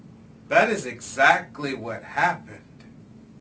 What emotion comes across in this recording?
disgusted